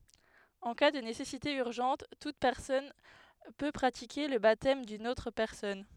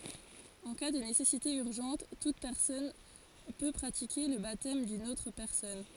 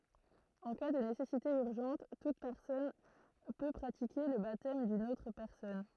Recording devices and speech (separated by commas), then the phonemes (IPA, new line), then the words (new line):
headset microphone, forehead accelerometer, throat microphone, read sentence
ɑ̃ ka də nesɛsite yʁʒɑ̃t tut pɛʁsɔn pø pʁatike lə batɛm dyn otʁ pɛʁsɔn
En cas de nécessité urgente, toute personne peut pratiquer le baptême d'une autre personne.